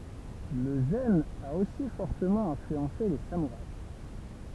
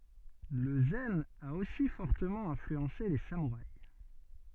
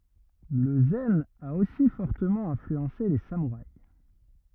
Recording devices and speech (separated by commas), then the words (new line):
temple vibration pickup, soft in-ear microphone, rigid in-ear microphone, read sentence
Le zen a aussi fortement influencé les samouraïs.